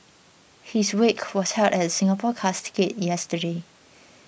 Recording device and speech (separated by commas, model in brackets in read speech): boundary microphone (BM630), read sentence